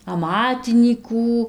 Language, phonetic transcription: Lithuanian, aˈmatinykų

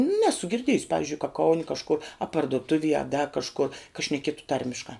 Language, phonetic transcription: Lithuanian, ˈnesu girˈdiejusi ˈpavizdžiui ka ˈkauni kažˈkur a parduˈtuvie a da kažˈkur ka šneˈkietu ˈtarmiškā

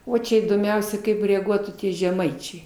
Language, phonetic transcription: Lithuanian, ˈo ˈčia įdomˈiausia kaip reaˈguotų ˈtie žeˈmaičiai

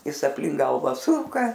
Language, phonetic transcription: Lithuanian, ˈjis aplink ˈgalva ˈsuka

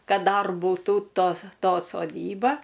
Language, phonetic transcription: Lithuanian, ˈkad ˈdar buˈtų ˈtos ˈto soˈdyba

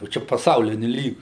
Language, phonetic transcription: Lithuanian, jau ˈčia paˈsauliniu ˈlygiu

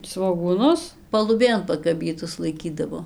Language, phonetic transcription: Lithuanian, svogūˈnus paluˈbėn pakaˈbytus laiˈkydavo

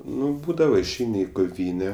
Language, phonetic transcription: Lithuanian, ˈnu ˈbūdava išˈeini i koˈvyne

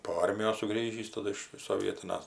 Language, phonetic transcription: Lithuanian, po ˈarmijos suˈgrįžįs taˈdu iš soˈvietinas

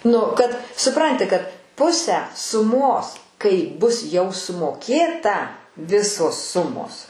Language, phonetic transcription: Lithuanian, ˈnu kad suˈpranti kad ˈpusę suˈmos kai bus jau sumoˈkėta ˈvisos ˈsumos

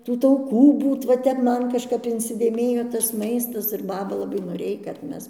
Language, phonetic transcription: Lithuanian, ˈtų tauˈkų ˈbūt va ˈtep ˈman kažˈkap insidėˈmėjo tas ˈmaistas ir ˈbaba laˈbai noˈrėj kad ˈmes

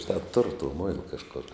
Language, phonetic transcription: Lithuanian, žiˈnā turu to ˈmoila kažˈkor

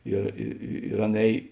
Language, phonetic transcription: Lithuanian, ir i i ir ˈan ˈēj

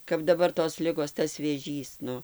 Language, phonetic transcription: Lithuanian, kap daˈbar tos ˈligos tas vėˈžys ˈnu

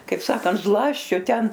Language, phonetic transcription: Lithuanian, kaip ˈsakant ˈzlasčio ˈten

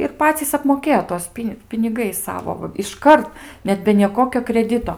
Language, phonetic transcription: Lithuanian, ir ˈpacys apmoˈkėjo ˈtuos ˈpin' piniˈgais ˈsavo va išˈkart ˈnet be nieˈkokio kreˈdito

